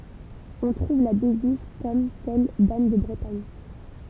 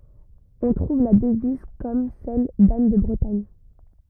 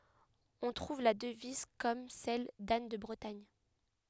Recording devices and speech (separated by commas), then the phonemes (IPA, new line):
temple vibration pickup, rigid in-ear microphone, headset microphone, read sentence
ɔ̃ tʁuv la dəviz kɔm sɛl dan də bʁətaɲ